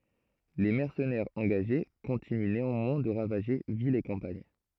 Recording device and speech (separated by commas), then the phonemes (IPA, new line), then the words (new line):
throat microphone, read sentence
le mɛʁsənɛʁz ɑ̃ɡaʒe kɔ̃tiny neɑ̃mwɛ̃ də ʁavaʒe vilz e kɑ̃paɲ
Les mercenaires engagés continuent néanmoins de ravager villes et campagne.